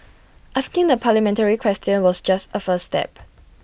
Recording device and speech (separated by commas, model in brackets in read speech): boundary microphone (BM630), read sentence